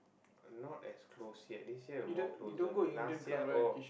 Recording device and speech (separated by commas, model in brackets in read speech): boundary microphone, conversation in the same room